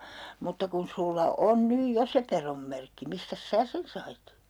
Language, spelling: Finnish, mutta kun sinulla on nyt jo se pedonmerkki mistäs sinä sen sait
- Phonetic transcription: » mutta kun 'sulla "on "nyj "jo se 'perommerkki , 'mistäs "sää sen sait ?

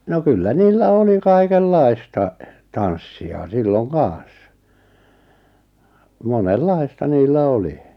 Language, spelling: Finnish, no kyllä niillä oli kaikenlaista tanssia silloin kanssa monenlaista niillä oli
- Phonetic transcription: 'no kyllä 'niillä 'oli 'kaikel'lai̬sta , "tanssi₍a 'silloŋ "kaaa̰s , "monel'lai̬sta 'niillä "oli .

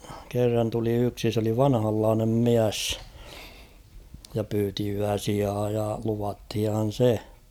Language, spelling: Finnish, kerran tuli yksi se oli vanhanlainen mies ja pyysi yösijaa ja luvattiinhan se
- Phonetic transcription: kerran tuli 'yksi s ‿oli 'vanhallaanem "miäss , ja 'pyyti 'yäsiaa ja luvathihan̬ 'se .

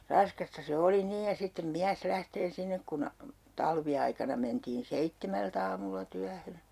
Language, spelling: Finnish, raskasta se oli niin ja sitten mies lähtee sinne kun talviaikana mentiin seitsemältä aamulla työhön
- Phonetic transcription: 'raskasta se 'oli 'niij ja sittem 'miäs 'lähtee 'sinnek kun , 'talvi₍aikana mentiin 'seittemält ‿aamulla 'tyähö .

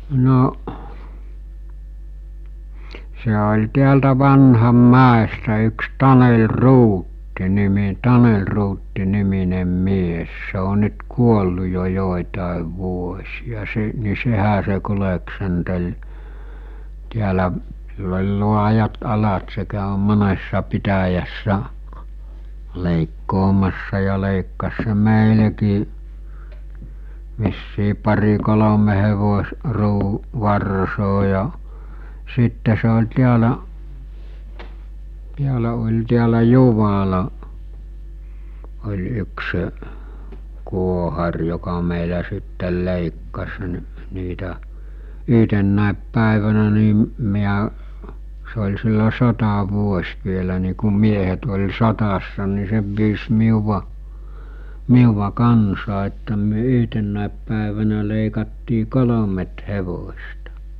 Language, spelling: Finnish, no se oli täältä Vanhanmäestä yksi Taneli Ruutti - Taneli Ruutti niminen mies se on nyt kuollut jo joitakin vuosia se niin sehän se kulki täällä sillä oli laajat alat se kävi monessa pitäjässä leikkaamassa ja leikkasi se meillekin vissiin pari kolme - - varsaa ja sitten se oli täällä täällä oli täällä Juvalla oli yksi kuohari joka meillä sitten leikkasi - niitä yhtenä päivänä niin minä se oli silloin sotavuosi vielä niin kun miehet oli sodassa niin se pyysi minua minua kanssaan että me yhtenä päivänä leikattiin kolme hevosta
- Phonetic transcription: 'no’ , se oĺ 'tiältä 'Vanham"mäestä yks 'Tanel "Ruutti 'nimi- "Tanel Ruutti niminem 'mies se o nyt 'kuollu jo 'jòitàev 'vuos̜ija se , ni 'sehä se kuleksentel , tiälä’ , sill ‿ol̜ 'luajat 'alat se kä̀ö 'monessa 'pitäjässä , lèikkoomassa ja lèikkas se 'mèilekii , vissii pari 'kolome hevos- , ruu- , 'varsoo ja , 'sitte se ol̜ 'tiälä’ , 'tiälä ol̜ tiälä 'Juvala , oĺ 'yksə’ , 'kuohar joka mèilä sittel 'lèikkas ni̬- , niitä , 'yɦtennä̀ep 'pä̀evänä nì , miä , se oĺ sillo 'sota'vuos̜ vielä ni kum 'miehet ol̜ 'sott̳assa ni 'se pyys miuva , 'miuva "kansaa että myö 'yhtennä̀ep pä̀evänä lèikattii "kolomet 'hevos̜ta .

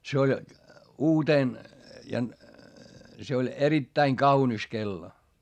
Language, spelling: Finnish, se oli uutena ja se oli erittäin kaunis kello
- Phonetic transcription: se oĺ , uutèn , ja , se oĺ erittäiŋ kaunis kello .

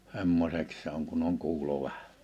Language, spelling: Finnish, semmoiseksi se on kun on kuulo vähän
- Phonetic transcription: '(s)emmoseks 'se ‿oŋ kunn ‿oŋ 'kuulo vähᴀ̈ .

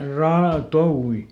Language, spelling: Finnish, - touvi
- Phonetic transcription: ˈraa- "touwi !

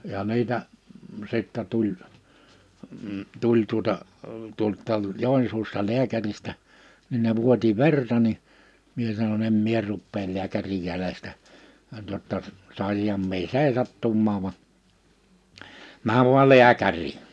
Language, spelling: Finnish, ja niitä sitten tuli tuli tuota tuolta Joensuusta lääkäristä niin ne vuoti verta niin minä sanoin en minä rupea lääkärin jäljestä jotta saisinhan minä seisahtumaan vaan mene vain lääkäriin
- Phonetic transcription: ja 'niitä , 'sittɛ tuĺ , 'tuĺ tuᵒta , tuolt̆-taal̳ 'Jòinsuusta 'liäkäristä , nin ne 'vuoti "verta ni , 'mie sano'n‿ » em 'mie 'ruppeel 'liäkärij 'jälestä , jotta , 'sàisiham mie "sèisattummaav va , 'määv vual̆ "liäkär̀ii !

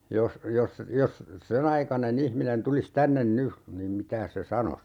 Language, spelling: Finnish, jos jos jos sen aikainen ihminen tulisi tänne nyt niin mitäs se sanoisi
- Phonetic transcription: 'jos , 'jos , 'jos , "sen ‿aikane'n ‿ihminen 'tulis "tännen 'ny , niim 'mitääs se "sanos ?

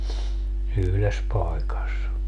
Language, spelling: Finnish, yhdessä paikassa
- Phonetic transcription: 'yhles pai̮kas .

